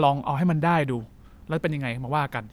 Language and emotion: Thai, neutral